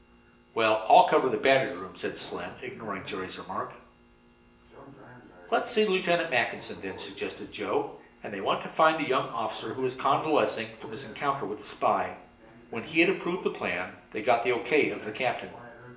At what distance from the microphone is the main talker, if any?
1.8 m.